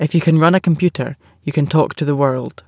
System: none